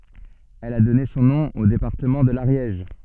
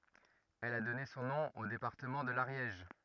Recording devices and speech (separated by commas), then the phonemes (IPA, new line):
soft in-ear microphone, rigid in-ear microphone, read sentence
ɛl a dɔne sɔ̃ nɔ̃ o depaʁtəmɑ̃ də laʁjɛʒ